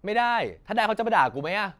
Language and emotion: Thai, frustrated